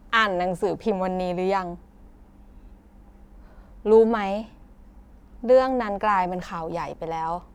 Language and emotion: Thai, frustrated